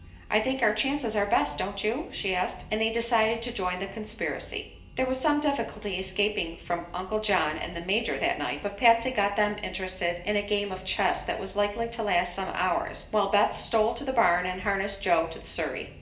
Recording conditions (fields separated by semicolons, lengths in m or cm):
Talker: one person; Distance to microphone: 1.8 m; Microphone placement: close; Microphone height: 1.0 m; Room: large; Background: music